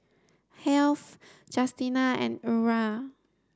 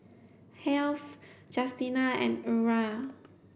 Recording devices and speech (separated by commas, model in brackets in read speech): standing microphone (AKG C214), boundary microphone (BM630), read sentence